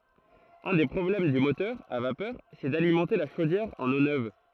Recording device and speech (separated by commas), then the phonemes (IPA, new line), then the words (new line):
throat microphone, read sentence
œ̃ de pʁɔblɛm dy motœʁ a vapœʁ sɛ dalimɑ̃te la ʃodjɛʁ ɑ̃n o nøv
Un des problèmes du moteur à vapeur, c'est d'alimenter la chaudière en eau neuve.